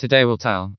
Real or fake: fake